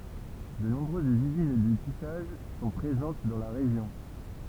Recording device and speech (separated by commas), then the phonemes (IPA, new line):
temple vibration pickup, read sentence
də nɔ̃bʁøzz yzin də tisaʒ sɔ̃ pʁezɑ̃t dɑ̃ la ʁeʒjɔ̃